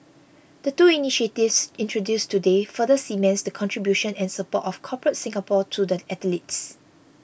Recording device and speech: boundary microphone (BM630), read sentence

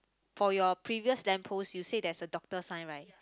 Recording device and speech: close-talking microphone, conversation in the same room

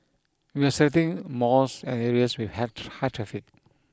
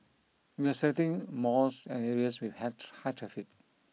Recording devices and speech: close-talking microphone (WH20), mobile phone (iPhone 6), read sentence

